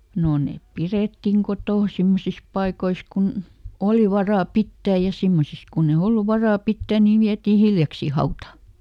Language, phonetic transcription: Finnish, no ˈnèp ˈpirèttiŋ "kotòn̬ ˈsimmosis paikois kun , "oli ˈvarà "pittääj ja ˈsimmosis kunne ˈollu "varà "pittä̀ niv ˈviätii ˈhiljaksii ˈhauta .
- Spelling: no ne pidettiin kotona semmoisissa paikoissa kun oli varaa pitää ja semmoisissa kun ei ollut varaa pitää niin vietiin hiljaksiin hautaan

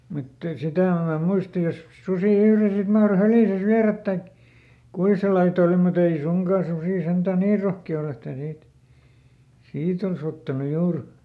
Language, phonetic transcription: Finnish, mut , ˈsitä̀ em ma ˈmuista jos , ˈsusì "yhre sit ˈmahro ˈhärìsäs "viärät taik , ˈkui sel laiˈt ‿ol muˈt ‿ei ˈsuŋkà ˈsusì ˈsentä̀ "nii ˈrohki₍a ol ‿että niit , "siit ‿ols ‿ottanu ˈjuur .
- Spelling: mutta sitä en minä muista jos susi yhden sitten mahtoi hädissänsä viedä tai kuinka sen laita oli mutta ei suinkaan susi sentään niin rohkea ole että niitä siitä olisi ottanut juuri

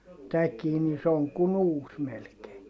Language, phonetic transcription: Finnish, täkii ni se oŋ kun ‿uus melkee .
- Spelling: tämäkin niin se on kuin uusi melkein

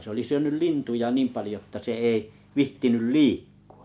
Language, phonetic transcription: Finnish, se oli 'syönyl "lintuja "niim 'palⁱjo ᵉttä se ei , 'vihtinyl "liikkᴜ₍ᴀ .
- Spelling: se oli syönyt lintuja niin paljon että se ei viitsinyt liikkua

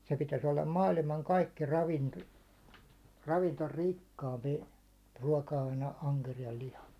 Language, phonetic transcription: Finnish, se pitäs ollam "maalimaŋ 'kaikki 'ravinto- , ravinto"rikkaampi , ruáka₍aine aŋkerijal 'liha .
- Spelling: se pitäisi olla maailman kaikki - ravintorikkaampi ruoka-aine ankeriaan liha

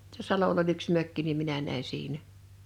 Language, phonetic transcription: Finnish, [tuos]sᵊ 'salol ‿oĺ yks 'mökki nim 'minä nä̀i 'siinä .
- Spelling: tuossa salolla oli yksi mökki niin minä näin siinä

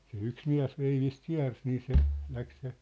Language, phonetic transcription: Finnish, se 'yks 'miä̭s 'veivist "kiä̭rs nii se , 'läk se ,.
- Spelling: se yksi mies veivistä kiersi niin se lähti se

